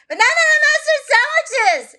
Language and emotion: English, surprised